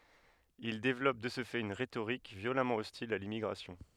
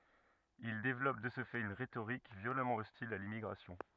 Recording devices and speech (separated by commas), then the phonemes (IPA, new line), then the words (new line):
headset microphone, rigid in-ear microphone, read sentence
il devlɔp də sə fɛt yn ʁetoʁik vjolamɑ̃ ɔstil a limmiɡʁasjɔ̃
Ils développent de ce fait une rhétorique violemment hostile à l'immigration.